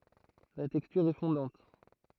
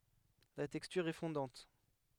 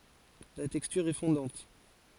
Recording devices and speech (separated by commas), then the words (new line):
throat microphone, headset microphone, forehead accelerometer, read sentence
La texture est fondante.